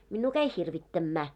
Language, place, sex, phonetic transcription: Finnish, Moloskovitsa, female, 'minnuu käi "hirvittämmä .
- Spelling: minua kävi hirvittämään

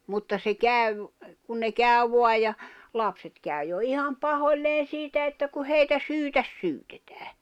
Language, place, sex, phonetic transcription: Finnish, Jämsä, female, mutta se kä̀v , kun ne 'kä̀y̬ 'voa ja , 'lapset kä̀y̬ jo 'iham 'pahoĺleen̬ 'siitä että ku 'heitä "syytäs 'syytᴇtᴀ̈ᴀ̈ .
- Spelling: mutta se kävi kun ne kävi vain ja lapset kävi jo ihan pahoilleen siitä että kun heitä syyttä syytetään

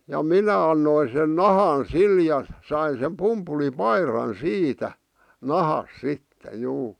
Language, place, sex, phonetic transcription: Finnish, Vihti, male, ja "minä annoin sen "nahan "sil ja , 'sain̬ sem "pumpuli'pairan "siitä , "nahas "sitte , 'juu .
- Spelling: ja minä annoin sen nahan sille ja sain sen pumpulipaidan siitä nahasta sitten juu

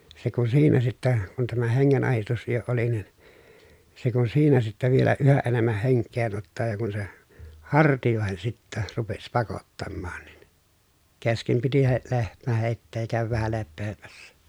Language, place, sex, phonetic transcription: Finnish, Pielisjärvi, male, se kun siinä sittä , kun tämä heŋŋen₍ahistus jo oli nin , se kun siinä sittä vielä yhä ʼenemmäh heŋk̆keen ‿ottaa ja kun se , hartijòehen sittä , rupes pakottammaan nin , keskem piti he- , lehmä hèi̮tteej ja kä̀öväv vähä leppeemässä .
- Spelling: se kun siinä sitten kun tämä hengenahdistus jo oli niin se kun siinä sitten vielä yhä enemmän henkeen ottaa ja kun se hartioihin sitten rupesi pakottamaan niin kesken piti - lehmä heittää ja käydä vähän lepäämässä

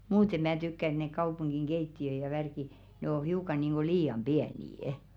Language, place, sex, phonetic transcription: Finnish, Velkua, female, "muute mää tykkä ‿ᵉt nek 'kaupuŋɢiŋ "ɢeitti₍ö ja 'värki , ne o 'hiuka niiŋɢo 'lii₍am "ʙiänii₍ᵊ .
- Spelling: muuten minä tykkään että ne kaupungin keittiöt ja värkit ne on hiukan niin kuin liian pieniä

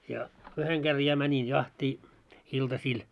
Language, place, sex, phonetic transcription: Finnish, Moloskovitsa, male, ja , 'yheŋ ɢer 'ja mänin 'jahtii , 'iltasiil .
- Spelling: ja yhden kerran ja menin jahtia iltasilla

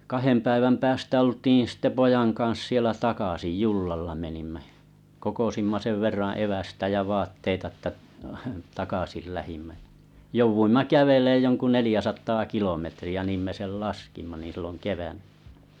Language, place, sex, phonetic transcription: Finnish, Kalajoki, male, 'kahem ’päiväm 'päästä 'oltiin̬ sⁱtte 'pojan kaa̰s sielä 'takasij "jullalla menimᴍᴀ̈ ᴊᴀ , kokosimma 'sev verraᵃ̰ 'evästä ja 'vaatteita ettᵃ̈ , 'takasil 'lähimmä ᴶᴬ , 'jouvuimma "käveleej joŋku 'nelijäsat̀aa "kilometri₍ä 'niim me 'sel "laskimma nìn̬ 'silloŋ "kevänɴᴀ̈ .
- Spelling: kahden päivän päästä oltiin sitten pojan kanssa siellä takaisin jollalla menimme ja kokosimme sen verran evästä ja vaatteita että takaisin lähdimme ja jouduimme kävelemään jonkun neljäsataa kilometriä niin me sen laskimme niin silloin keväänä

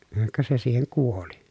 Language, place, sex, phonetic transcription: Finnish, Pielisjärvi, male, ka se siiheŋ kuoli .
- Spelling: ka se siihen kuoli

